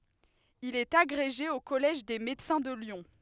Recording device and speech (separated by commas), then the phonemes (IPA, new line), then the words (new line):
headset microphone, read sentence
il ɛt aɡʁeʒe o kɔlɛʒ de medəsɛ̃ də ljɔ̃
Il est agrégé au Collège des Médecins de Lyon.